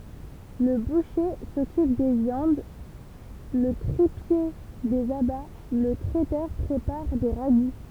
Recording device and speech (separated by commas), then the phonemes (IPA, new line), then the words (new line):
temple vibration pickup, read sentence
lə buʃe sɔkyp de vjɑ̃d lə tʁipje dez aba lə tʁɛtœʁ pʁepaʁ de ʁaɡu
Le boucher s'occupe des viandes, le tripier, des abats, le traiteur prépare des ragoûts.